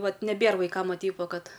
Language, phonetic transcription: Lithuanian, ˈvat neˈbėr vaiˈkam ˈva ˈteip ˈva ˈkad

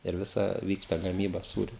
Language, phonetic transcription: Lithuanian, ir ˈvisa ˈvyksta gaˈmyba ˈsūriu

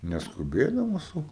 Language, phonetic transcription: Lithuanian, neskuˈbėdamas ˈsau

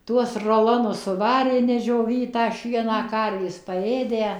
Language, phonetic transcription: Lithuanian, ˈtuos roˈlonus suˈvarė nedžioˈvytą ˈšieną ˈkarvės paˈėdę

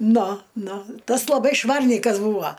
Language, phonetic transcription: Lithuanian, ˈnu ˈnu ˈtas laˈbai ˈšvarnykas ˈbūvo

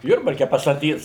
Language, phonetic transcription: Lithuanian, ˈjurbarke pastaˈtys

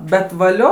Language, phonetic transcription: Lithuanian, bet vaˈlio

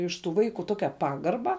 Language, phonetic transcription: Lithuanian, iš tų ˈvaiku ˈtokia ˈpagarba

